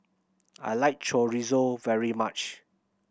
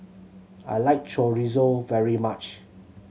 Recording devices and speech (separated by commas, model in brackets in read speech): boundary microphone (BM630), mobile phone (Samsung C7100), read sentence